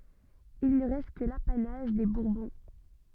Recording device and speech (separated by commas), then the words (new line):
soft in-ear microphone, read sentence
Il ne reste que l'apanage des Bourbons.